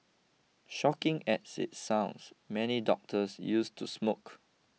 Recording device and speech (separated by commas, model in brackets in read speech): mobile phone (iPhone 6), read sentence